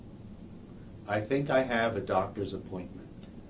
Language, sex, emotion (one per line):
English
male
neutral